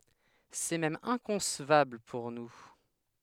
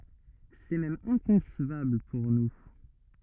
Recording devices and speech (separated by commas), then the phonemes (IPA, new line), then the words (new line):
headset microphone, rigid in-ear microphone, read sentence
sɛ mɛm ɛ̃kɔ̃svabl puʁ nu
C’est même inconcevable pour nous.